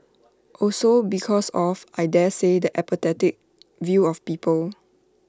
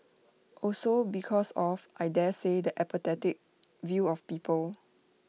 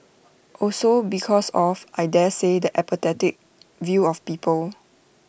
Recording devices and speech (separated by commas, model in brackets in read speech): standing microphone (AKG C214), mobile phone (iPhone 6), boundary microphone (BM630), read sentence